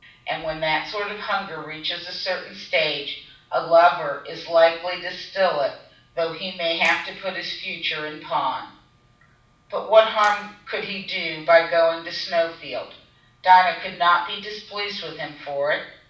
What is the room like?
A mid-sized room.